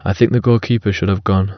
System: none